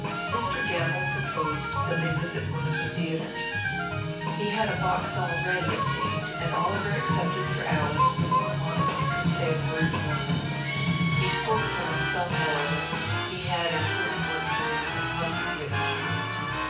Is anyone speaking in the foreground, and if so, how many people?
One person.